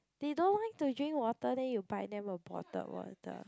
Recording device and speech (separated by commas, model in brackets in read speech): close-talking microphone, conversation in the same room